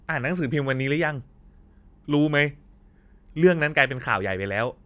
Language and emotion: Thai, neutral